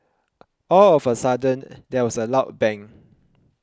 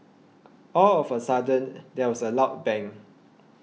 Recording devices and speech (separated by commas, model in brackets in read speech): close-talking microphone (WH20), mobile phone (iPhone 6), read sentence